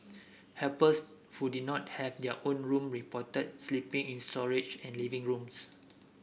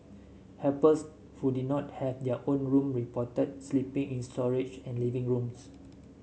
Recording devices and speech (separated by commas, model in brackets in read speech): boundary microphone (BM630), mobile phone (Samsung S8), read sentence